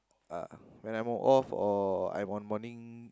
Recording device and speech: close-talking microphone, conversation in the same room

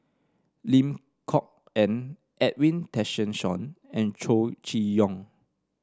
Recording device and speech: standing microphone (AKG C214), read sentence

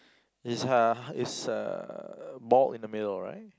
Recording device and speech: close-talking microphone, conversation in the same room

